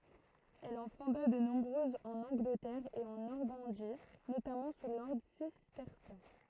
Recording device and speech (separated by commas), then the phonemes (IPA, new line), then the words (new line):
throat microphone, read sentence
ɛl ɑ̃ fɔ̃da də nɔ̃bʁøzz ɑ̃n ɑ̃ɡlətɛʁ e ɑ̃ nɔʁmɑ̃di notamɑ̃ su lɔʁdʁ sistɛʁsjɛ̃
Elle en fonda de nombreuses en Angleterre et en Normandie, notamment sous l'ordre cistercien.